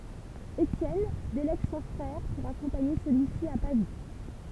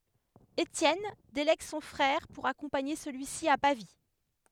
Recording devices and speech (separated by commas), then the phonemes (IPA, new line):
temple vibration pickup, headset microphone, read sentence
etjɛn delɛɡ sɔ̃ fʁɛʁ puʁ akɔ̃paɲe səlyi si a pavi